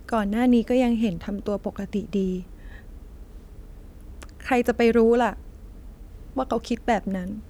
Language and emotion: Thai, sad